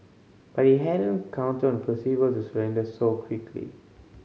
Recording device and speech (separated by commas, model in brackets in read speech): mobile phone (Samsung C5010), read sentence